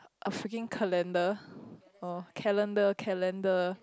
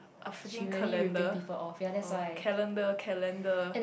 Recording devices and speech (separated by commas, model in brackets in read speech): close-talking microphone, boundary microphone, conversation in the same room